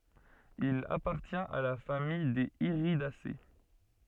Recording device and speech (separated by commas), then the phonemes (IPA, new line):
soft in-ear microphone, read sentence
il apaʁtjɛ̃t a la famij dez iʁidase